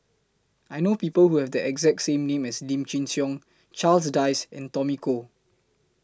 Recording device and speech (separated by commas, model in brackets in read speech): close-talking microphone (WH20), read sentence